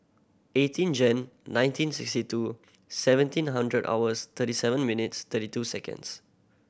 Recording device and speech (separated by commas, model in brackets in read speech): boundary microphone (BM630), read sentence